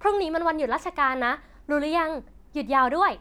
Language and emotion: Thai, happy